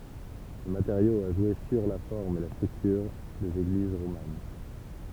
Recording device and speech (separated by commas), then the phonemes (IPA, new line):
temple vibration pickup, read sentence
lə mateʁjo a ʒwe syʁ la fɔʁm e la stʁyktyʁ dez eɡliz ʁoman